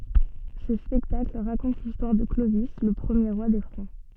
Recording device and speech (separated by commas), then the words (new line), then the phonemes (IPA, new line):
soft in-ear microphone, read sentence
Ce spectacle raconte l'histoire de Clovis le premier roi des Francs.
sə spɛktakl ʁakɔ̃t listwaʁ də klovi lə pʁəmje ʁwa de fʁɑ̃